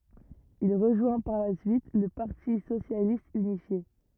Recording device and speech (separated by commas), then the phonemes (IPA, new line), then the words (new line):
rigid in-ear microphone, read sentence
il ʁəʒwɛ̃ paʁ la syit lə paʁti sosjalist ynifje
Il rejoint par la suite le Parti socialiste unifié.